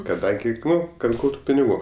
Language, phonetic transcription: Lithuanian, kaˈdangi ˈnu kad ˈgautu piniˈgų

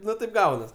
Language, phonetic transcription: Lithuanian, ˈnu taip ˈgaunas

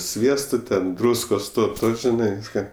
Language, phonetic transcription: Lithuanian, ˈsviesto ten ˈdrūskos ˈto ˈto žiˈnai ˈvyska

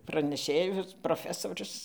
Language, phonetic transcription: Lithuanian, praneˈšėjus proˈfesorius

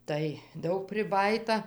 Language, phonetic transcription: Lithuanian, tai ˈdaug priˈbajyta

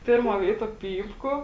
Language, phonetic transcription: Lithuanian, ˈpėrˌmuo ˈvėituo ˈpypku

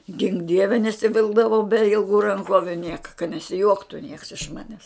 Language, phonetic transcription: Lithuanian, gink ˈdieve nesiˈvilkdavau be ilˈgų ranˈkoviu ˈnieka ka nesiˈjuoktu nieks iš ˈmanes

